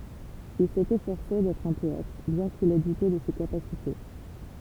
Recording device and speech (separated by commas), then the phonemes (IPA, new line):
temple vibration pickup, read sentence
il sɛt efɔʁse dɛtʁ œ̃ pɔɛt bjɛ̃ kil ɛ dute də se kapasite